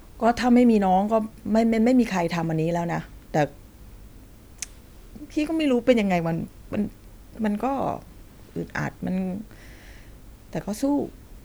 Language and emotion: Thai, frustrated